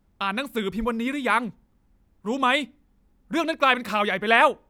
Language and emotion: Thai, angry